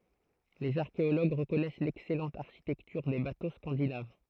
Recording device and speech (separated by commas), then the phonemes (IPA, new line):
throat microphone, read sentence
lez aʁkeoloɡ ʁəkɔnɛs lɛksɛlɑ̃t aʁʃitɛktyʁ de bato skɑ̃dinav